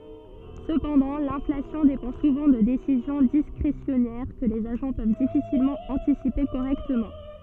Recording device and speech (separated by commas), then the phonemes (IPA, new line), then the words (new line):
soft in-ear microphone, read sentence
səpɑ̃dɑ̃ lɛ̃flasjɔ̃ depɑ̃ suvɑ̃ də desizjɔ̃ diskʁesjɔnɛʁ kə lez aʒɑ̃ pøv difisilmɑ̃ ɑ̃tisipe koʁɛktəmɑ̃
Cependant, l'inflation dépend souvent de décisions discrétionnaires, que les agents peuvent difficilement anticiper correctement.